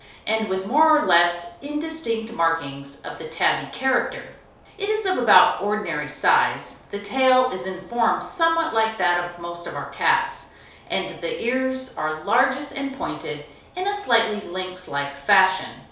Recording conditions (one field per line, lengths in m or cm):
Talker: one person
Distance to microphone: 3.0 m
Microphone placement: far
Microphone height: 1.8 m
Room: small (3.7 m by 2.7 m)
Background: none